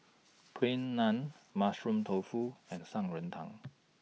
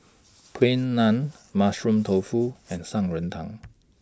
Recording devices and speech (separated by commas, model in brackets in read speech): mobile phone (iPhone 6), standing microphone (AKG C214), read sentence